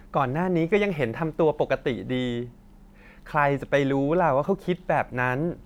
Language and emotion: Thai, happy